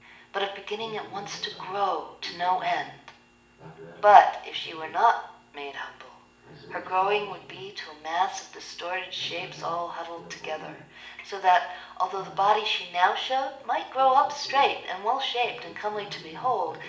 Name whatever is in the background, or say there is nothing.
A television.